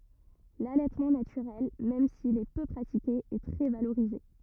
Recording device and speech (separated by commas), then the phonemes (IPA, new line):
rigid in-ear microphone, read sentence
lalɛtmɑ̃ natyʁɛl mɛm sil ɛ pø pʁatike ɛ tʁɛ valoʁize